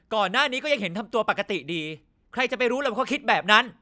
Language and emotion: Thai, angry